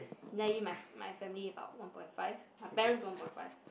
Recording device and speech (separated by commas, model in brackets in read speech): boundary microphone, conversation in the same room